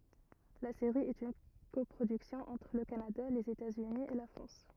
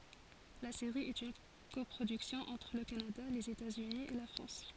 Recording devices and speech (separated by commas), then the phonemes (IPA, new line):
rigid in-ear microphone, forehead accelerometer, read sentence
la seʁi ɛt yn kɔpʁodyksjɔ̃ ɑ̃tʁ lə kanada lez etatsyni e la fʁɑ̃s